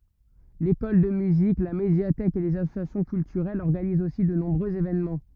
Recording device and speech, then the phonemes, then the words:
rigid in-ear microphone, read sentence
lekɔl də myzik la medjatɛk e lez asosjasjɔ̃ kyltyʁɛlz ɔʁɡanizt osi də nɔ̃bʁøz evenmɑ̃
L'école de musique, la médiathèque et les associations culturelles organisent aussi de nombreux événements.

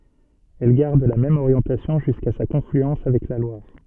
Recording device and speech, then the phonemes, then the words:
soft in-ear microphone, read sentence
ɛl ɡaʁd la mɛm oʁjɑ̃tasjɔ̃ ʒyska sa kɔ̃flyɑ̃s avɛk la lwaʁ
Elle garde la même orientation jusqu'à sa confluence avec la Loire.

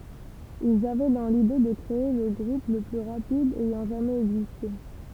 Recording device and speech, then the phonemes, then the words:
temple vibration pickup, read sentence
ilz avɛ dɑ̃ lide də kʁee lə ɡʁup lə ply ʁapid ɛjɑ̃ ʒamɛz ɛɡziste
Ils avaient dans l'idée de créer le groupe le plus rapide ayant jamais existé.

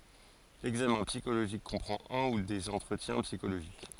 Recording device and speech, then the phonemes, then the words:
forehead accelerometer, read sentence
lɛɡzamɛ̃ psikoloʒik kɔ̃pʁɑ̃t œ̃ u dez ɑ̃tʁətjɛ̃ psikoloʒik
L'examen psychologique comprend un ou des entretiens psychologiques.

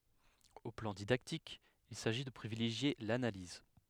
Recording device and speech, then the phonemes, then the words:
headset microphone, read sentence
o plɑ̃ didaktik il saʒi də pʁivileʒje lanaliz
Au plan didactique, il s'agit de privilégier l'analyse.

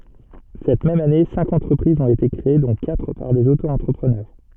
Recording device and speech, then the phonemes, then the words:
soft in-ear microphone, read sentence
sɛt mɛm ane sɛ̃k ɑ̃tʁəpʁizz ɔ̃t ete kʁee dɔ̃ katʁ paʁ dez otoɑ̃tʁəpʁənœʁ
Cette même année, cinq entreprises ont été créées dont quatre par des Auto-entrepreneurs.

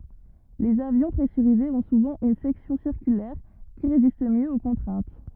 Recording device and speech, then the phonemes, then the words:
rigid in-ear microphone, read sentence
lez avjɔ̃ pʁɛsyʁizez ɔ̃ suvɑ̃ yn sɛksjɔ̃ siʁkylɛʁ ki ʁezist mjø o kɔ̃tʁɛ̃t
Les avions pressurisés ont souvent une section circulaire qui résiste mieux aux contraintes.

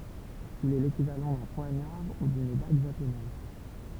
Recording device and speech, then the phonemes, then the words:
temple vibration pickup, read sentence
il ɛ lekivalɑ̃ dœ̃ pwaɲaʁ u dyn daɡ ʒaponɛz
Il est l'équivalent d'un poignard ou d'une dague japonaise.

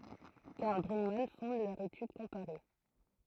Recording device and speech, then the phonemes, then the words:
throat microphone, read sentence
kaʁl bʁyɡman fɔ̃d lœʁ etyd kɔ̃paʁe
Karl Brugmann fonde leur étude comparée.

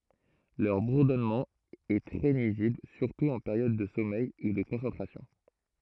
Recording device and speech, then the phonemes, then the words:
throat microphone, read sentence
lœʁ buʁdɔnmɑ̃ ɛ tʁɛ nyizibl syʁtu ɑ̃ peʁjɔd də sɔmɛj u də kɔ̃sɑ̃tʁasjɔ̃
Leur bourdonnement est très nuisible, surtout en période de sommeil ou de concentration.

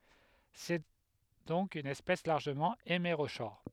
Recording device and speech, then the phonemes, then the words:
headset microphone, read sentence
sɛ dɔ̃k yn ɛspɛs laʁʒəmɑ̃ emeʁoʃɔʁ
C'est donc une espèce largement hémérochore.

